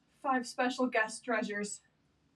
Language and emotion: English, fearful